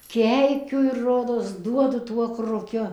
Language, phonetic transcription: Lithuanian, ˈkeikiu ir ˈrodos ˈduodu ˈtuo kruˈkiu

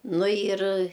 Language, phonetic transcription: Lithuanian, ˈnu jir

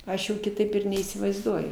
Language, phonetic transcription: Lithuanian, ˈaš jau kiˈtaip ir neįsivaizˈduoju

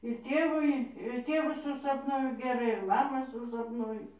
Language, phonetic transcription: Lithuanian, ir ˈtėvui ir ˈtėvu susapˈnuoju geˈrai ir maˈmą susapˈnuoju

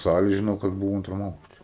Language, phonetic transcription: Lithuanian, ˈsali žiˈnau kad ˈbuvo ˈantram ˈaukšte

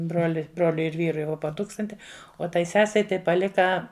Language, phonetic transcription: Lithuanian, ˈbroli ˈbroliui ir ˈvyrui ˈvo po ˈtūkstanti o ˈtai ˈsesei ˈtai paˈlika

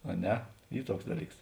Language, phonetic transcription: Lithuanian, a ˈne ˈy ˈtuoks ˈdaˌlyks

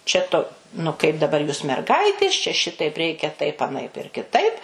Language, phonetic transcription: Lithuanian, čia ˈtu nu kaip daˈbar jūs merˈgaitės čia ˈšitaip ˈreikia taip aˈnaip ir kiˈtaip

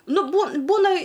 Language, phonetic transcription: Lithuanian, ˈnu bū ˈbūna

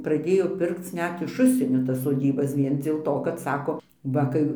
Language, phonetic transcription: Lithuanian, praˈdėjo ˈpirkc ˈnet iš ˈužsienio tas soˈdybas ˈvien dzėl ˈto kad ˈsako ˈva kai

